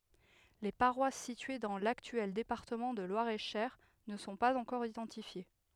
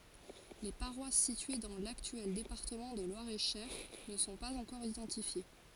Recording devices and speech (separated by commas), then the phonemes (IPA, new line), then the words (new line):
headset microphone, forehead accelerometer, read sentence
le paʁwas sitye dɑ̃ laktyɛl depaʁtəmɑ̃ də lwaʁɛtʃœʁ nə sɔ̃ paz ɑ̃kɔʁ idɑ̃tifje
Les paroisses situées dans l'actuel département de Loir-et-Cher ne sont pas encore identifiées.